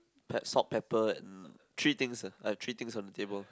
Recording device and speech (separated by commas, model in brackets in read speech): close-talking microphone, conversation in the same room